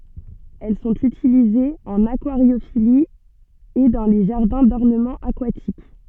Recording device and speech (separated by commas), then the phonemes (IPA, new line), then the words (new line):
soft in-ear microphone, read sentence
ɛl sɔ̃t ytilizez ɑ̃n akwaʁjofili e dɑ̃ le ʒaʁdɛ̃ dɔʁnəmɑ̃ akwatik
Elles sont utilisées en aquariophilie et dans les jardins d'ornement aquatiques.